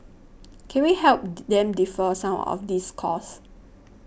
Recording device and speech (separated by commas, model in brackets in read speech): boundary microphone (BM630), read sentence